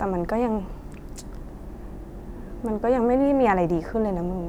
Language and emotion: Thai, frustrated